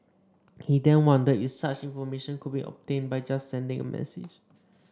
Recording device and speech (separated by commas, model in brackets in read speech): standing microphone (AKG C214), read sentence